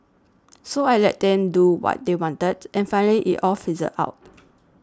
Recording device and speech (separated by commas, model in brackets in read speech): standing microphone (AKG C214), read sentence